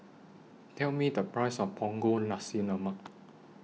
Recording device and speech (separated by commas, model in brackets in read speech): mobile phone (iPhone 6), read sentence